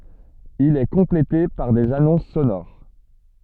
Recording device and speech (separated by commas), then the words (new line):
soft in-ear microphone, read sentence
Il est complété par des annonces sonores.